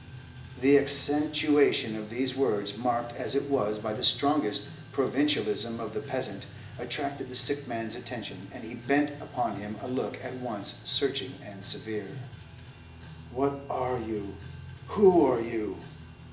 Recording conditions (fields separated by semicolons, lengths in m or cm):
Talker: one person; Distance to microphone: 1.8 m; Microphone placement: close; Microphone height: 1.0 m; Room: large; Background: music